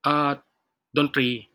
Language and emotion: Thai, neutral